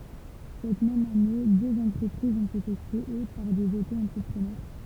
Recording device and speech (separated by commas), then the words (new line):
temple vibration pickup, read sentence
Cette même année, deux entreprises ont été créées par des auto-entrepreneurs.